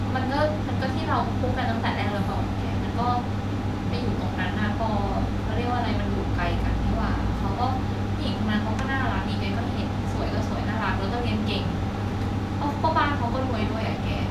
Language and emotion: Thai, frustrated